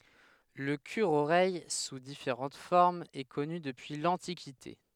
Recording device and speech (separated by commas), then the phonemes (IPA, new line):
headset microphone, read sentence
lə kyʁəoʁɛj su difeʁɑ̃t fɔʁmz ɛ kɔny dəpyi lɑ̃tikite